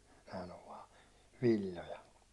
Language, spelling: Finnish, nämähän on vain villoja
- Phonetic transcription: nähän ‿ov 'vaa , 'vil̜l̜oja .

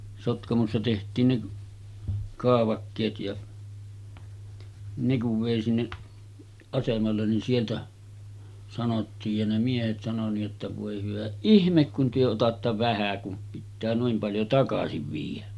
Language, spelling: Finnish, Sotkamossa tehtiin ne kaavakkeet ja ne kun vei sinne asemalle niin sieltä sanottiin ja ne miehet sanoi niin jotta voi hyvä ihme kun te otatte vähän kun pitää noin paljon takaisin viedä
- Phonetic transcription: Sotkamossa teht̀iin ne , 'kaavakkeet ja , 'ne kuv vèi 'sinneˀ , 'asemallen nin 'sieltä , sanottiij ja ne 'miehet sano ni’ ’otta » 'vòe hyvä "ihmek kun työ otatta 'vähä kum pittää nuim paljo 'takasiv viij̆jä « .

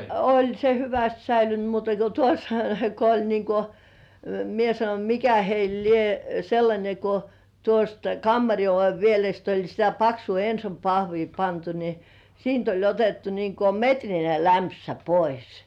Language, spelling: Finnish, oli se hyvästi säilynyt muuta kuin tuossa kun oli niin kuin minä sanoin mikä heillä lie sellainen kun tuosta kammarin oven pielestä oli sitä paksua Enson pahvia pantu niin siitä oli otettu niin kuin metrinen lämpsä pois
- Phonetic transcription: oĺ se 'hyväst säilyn(t) muuta ko 'tuos , ko oĺ niiŋ ko , "mie 'sanoń "mikä heil 'lie , sellańe ko , tuost "kammari ove vielest oĺ sitä paksuu "Ensom 'pahvii pantu ni , "siint ‿oĺ 'otettu niiŋ ko "metrine 'lärnpsä 'pois .

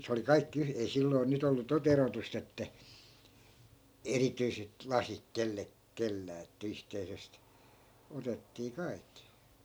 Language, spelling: Finnish, - se oli kaikki - ei silloin nyt ollut tuota erotusta että erityiset lasit - kenelläkään että yhteisestä otettiin kaikki
- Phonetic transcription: si- , 'se oli "kaikki yh- , ei 'silloi̮ 'nyt ‿ollu to"t ‿erotus't ‿että , 'erityiset "lasik 'kelle- , 'kellää että 'yhteisest , 'otettii "kai̮kki .

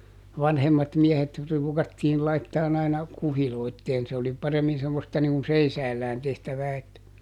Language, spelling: Finnish, vanhemmat miehet ruukattiin laittamaan aina kuhiloitsemaan se oli paremmin semmoista niin kuin seisaallaan tehtävää että
- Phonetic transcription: "vanhemmat ˈmiehet ruukattiil ˈlaittaan ‿aina , "kuhiloitteen - se oli ˈparemmin semmosta niŋ kun "seisäällään ˈtehtävää että ,.

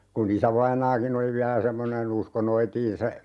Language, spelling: Finnish, kun isävainaakin oli vielä semmoinen uskoi noitiin se
- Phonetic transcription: ku"n ‿isävainaaki'n ‿oli 'viälä "semmone'n ‿usko 'noitiin se , .

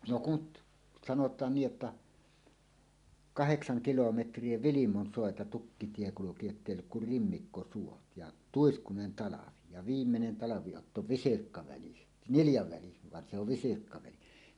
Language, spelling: Finnish, no kun sanotaan niin että kahdeksan kilometriä Vilmonsuota tukkitie kulki jotta ei ollut kuin rimmikkosuot ja tuiskuinen talvi ja viimeinen talviotto visirkkaväli niljaväli vaan se on visirkkaväli
- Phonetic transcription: no kut , sanot̀aan 'nii' ’että "kaheksaŋ 'kilometr̀ie "Vilimon'sòeta "tukkitie 'kuluki jottèi olluk kur "rimmikkosuot ja , "tuiskunen 'talavi , ja "viimmenen talavi₍otto "visirkkaväli , "niljaväli van se ‿ov 'visirkkaväli .

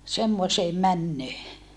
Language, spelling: Finnish, semmoiseen menoon
- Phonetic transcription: semmoseem männöö .

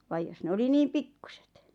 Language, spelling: Finnish, vaan jos ne oli niin pikkuiset
- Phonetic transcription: vaj 'jos ne 'oli 'niim "pikkᴜsᴇt .

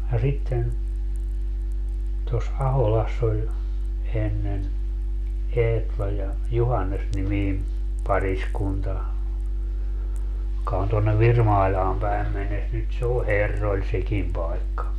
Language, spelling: Finnish, ja sitten tuossa Aholassa oli ennen Eetla ja Juhannes-niminen pariskunta joka on tuonne Virmailaan päin mennessä nyt se on herroilla sekin paikka
- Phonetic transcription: ja 'sitten , tos "Aholass ‿oĺ , 'ennen , 'Eetla ja , "Juhannes-nimiim 'pariskunta , joka on tonnev "Virmaiĺaam 'päim mennes - nyt se o "herroĺ 'sekim 'paikka .

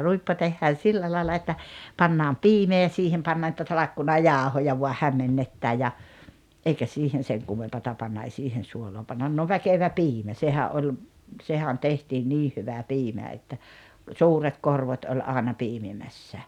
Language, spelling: Finnish, ruippo tehdään sillä lailla että pannaan piimää ja siihen pannaan niitä talkkunajauhoja vain hämmennetään ja eikä siihen sen kummempaa panna ei siihen suolaa panna no väkevä piimä sehän oli sehän tehtiin niin hyvä piimä että suuret korvot oli aina piimimässä
- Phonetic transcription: 'ruippo tehhään 'sillä laila että , 'pannaam "piimee ja 'siihem pannaa nⁱtä 'talakkuna"jàohoja vua 'hämmennettä ja , '’eikä siihen̬ 'seŋ kummempata panna ei "siihen̬ 'suoloo pannan no "väkevä "piimä 'sehä’ ’oĺ , 'sehä̭n 'tehtiin "nii 'hyvä "piimä että , "suuret "korvot oĺ 'àena 'piimimässä ,

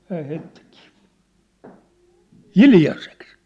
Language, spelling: Finnish, hän heittikin hiljaiseksi
- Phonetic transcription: hääh 'heĭttikii , "hiljaseks .

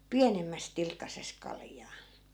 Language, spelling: Finnish, pienemmässä tilkkasessa kaljaa
- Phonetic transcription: "piänemmäs 'tilkkases 'kaljaa .

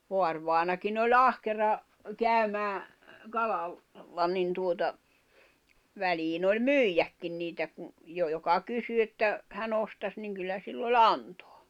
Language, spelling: Finnish, vaarivainajakin oli ahkera käymään - kalalla niin tuota väliin oli myydäkin niitä kun jo joka kysyi että hän ostaisi niin kyllä sillä oli antaa
- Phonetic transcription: 'voarvài̬nakin ‿o"ĺ ‿ahkera , 'kä̀ymää , 'kalal- , -la nin tuota , 'väliin ‿oĺ "myijäkkin 'niitä ku , 'jo joka 'kysy että , 'hä'n ‿ostas niŋ 'kyllä sill ‿o"ĺ ‿antᴏᴀ .

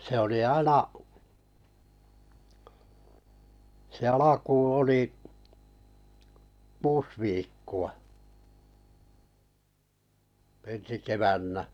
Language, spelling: Finnish, se oli aina se alkuun oli kuusi viikkoa ensi keväänä
- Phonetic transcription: se oli "aina , se "alakuuⁿ̬ 'oli , "kuus viikku₍a , 'ensi 'kevännä .

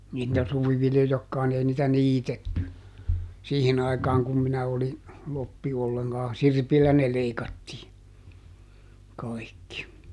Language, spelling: Finnish, niitä suviviljojakaan niin ei niitä niitetty siihen aikaan kun minä olin kloppi ollenkaan sirpillä ne leikattiin kaikki
- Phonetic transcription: niit̆tä ˈsuviviljojakkaan ni ˈei nitä "niitetty , "siihin ‿aikaaŋ kum ˈminä oli , ˈloppi - olleŋkaa , "sirpillä ne ˈleikattii ˈkaikki .

